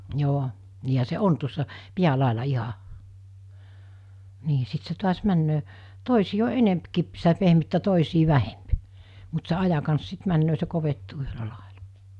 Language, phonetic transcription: Finnish, 'joo , niihä se "on tuossa , 'piä'làela 'iɦa , 'nii 'sit se tuas 'männöö , 'tòisii o 'enempkip- , sitä 'pehmyttä , 'tòisii 'vähemp , mut se 'aja kans 'sit männöö se 'kovettuu yhölä làeʟᴀ .
- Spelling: joo niinhän se on tuossa päälaella ihan niin sitten se taas menee toisien on enempikin sitä pehmyttä toisien vähempi mutta se ajan kanssa sitten menee se kovettuu yhdellä lailla

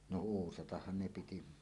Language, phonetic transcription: Finnish, no "uusatahhan 'ne 'piti .
- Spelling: no uusatahan ne piti

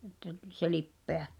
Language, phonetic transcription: Finnish, ᵉttä (tᵘĺ) se "lippeᴀ̈ .
- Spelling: että tuli se lipeä

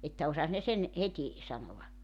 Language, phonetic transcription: Finnish, että 'osas ne 'sen , 'heti , 'sanova .
- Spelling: että osasi ne sen heti sanoa

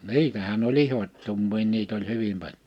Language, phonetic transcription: Finnish, ni̬itähän ‿oĺ "ihot́tummii 'niit ‿oĺ 'hyvim paĺ(jo) .
- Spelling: niitähän oli ihottumia niitä oli hyvin paljon

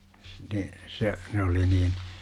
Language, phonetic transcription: Finnish, ne , se , 'ne oli niin ,.
- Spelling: ne se ne oli niin

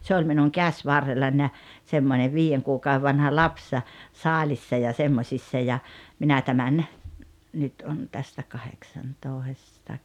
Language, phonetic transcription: Finnish, 'se oĺ minuŋ "käśvarrellań ja , semmone 'viijeŋ kuukau₍e vanha "laps , "saaĺissa ja 'semmośissa ja , minä tämän , nyt on tästä 'kaheksantòesta ‿k- ,
- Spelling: se oli minun käsivarrellani ja semmoinen viiden kuukauden vanha lapsi saalissa ja semmoisissa ja minä tämän nyt on tästä kahdeksantoista -

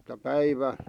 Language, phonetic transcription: Finnish, [Et]tä 'päivä ,.
- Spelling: että päivä

